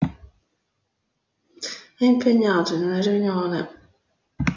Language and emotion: Italian, sad